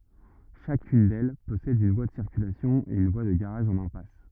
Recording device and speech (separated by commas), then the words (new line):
rigid in-ear microphone, read sentence
Chacune d'elles possède une voie de circulation et une voie de garage en impasse.